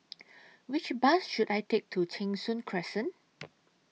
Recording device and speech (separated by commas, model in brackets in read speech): mobile phone (iPhone 6), read sentence